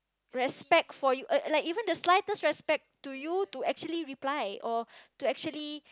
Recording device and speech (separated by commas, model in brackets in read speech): close-talking microphone, conversation in the same room